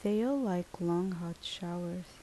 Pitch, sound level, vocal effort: 175 Hz, 75 dB SPL, soft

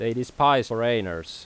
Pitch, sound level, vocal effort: 115 Hz, 89 dB SPL, loud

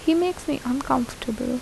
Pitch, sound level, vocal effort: 260 Hz, 76 dB SPL, soft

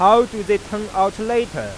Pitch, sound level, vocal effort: 210 Hz, 100 dB SPL, loud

